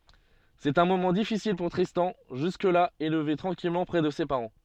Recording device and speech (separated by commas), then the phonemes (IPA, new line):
soft in-ear microphone, read sentence
sɛt œ̃ momɑ̃ difisil puʁ tʁistɑ̃ ʒysk la elve tʁɑ̃kilmɑ̃ pʁɛ də se paʁɑ̃